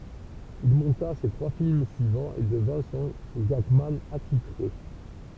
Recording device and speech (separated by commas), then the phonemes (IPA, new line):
temple vibration pickup, read sentence
il mɔ̃ta se tʁwa film syivɑ̃z e dəvɛ̃ sɔ̃ ɡaɡman atitʁe